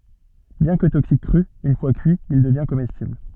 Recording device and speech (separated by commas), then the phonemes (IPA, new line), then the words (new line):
soft in-ear microphone, read sentence
bjɛ̃ kə toksik kʁy yn fwa kyi il dəvjɛ̃ komɛstibl
Bien que toxique cru, une fois cuit, il devient comestible.